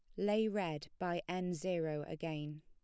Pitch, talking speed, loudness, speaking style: 175 Hz, 150 wpm, -39 LUFS, plain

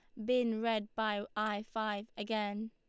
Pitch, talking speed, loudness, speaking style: 215 Hz, 150 wpm, -36 LUFS, Lombard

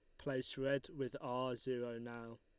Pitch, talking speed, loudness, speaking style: 130 Hz, 165 wpm, -42 LUFS, Lombard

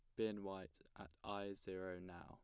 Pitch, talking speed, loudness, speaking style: 95 Hz, 175 wpm, -49 LUFS, plain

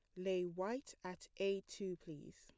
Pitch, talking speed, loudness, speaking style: 190 Hz, 165 wpm, -44 LUFS, plain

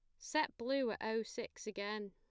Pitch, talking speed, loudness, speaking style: 225 Hz, 190 wpm, -40 LUFS, plain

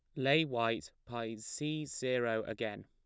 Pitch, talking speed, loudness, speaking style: 115 Hz, 135 wpm, -36 LUFS, plain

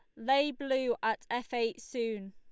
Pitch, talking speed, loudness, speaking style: 240 Hz, 170 wpm, -33 LUFS, Lombard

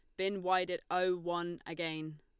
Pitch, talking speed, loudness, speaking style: 175 Hz, 180 wpm, -35 LUFS, Lombard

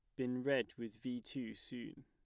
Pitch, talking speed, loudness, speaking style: 125 Hz, 195 wpm, -42 LUFS, plain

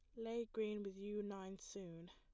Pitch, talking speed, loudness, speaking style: 205 Hz, 190 wpm, -47 LUFS, plain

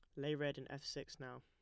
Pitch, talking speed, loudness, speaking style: 140 Hz, 295 wpm, -45 LUFS, plain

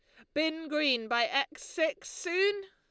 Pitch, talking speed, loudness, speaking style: 320 Hz, 155 wpm, -31 LUFS, Lombard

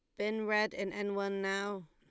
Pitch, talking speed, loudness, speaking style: 200 Hz, 215 wpm, -35 LUFS, Lombard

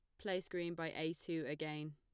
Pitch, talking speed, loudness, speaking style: 160 Hz, 210 wpm, -43 LUFS, plain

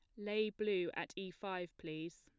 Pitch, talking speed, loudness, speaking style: 190 Hz, 180 wpm, -41 LUFS, plain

